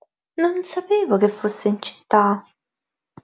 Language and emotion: Italian, surprised